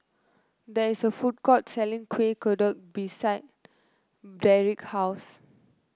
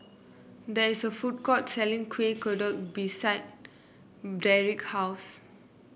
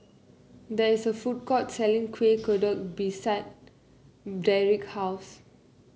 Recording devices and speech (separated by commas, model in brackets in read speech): close-talking microphone (WH30), boundary microphone (BM630), mobile phone (Samsung C9), read sentence